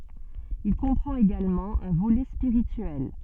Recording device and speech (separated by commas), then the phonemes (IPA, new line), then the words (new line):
soft in-ear microphone, read sentence
il kɔ̃pʁɑ̃t eɡalmɑ̃ œ̃ volɛ spiʁityɛl
Il comprend également un volet spirituel.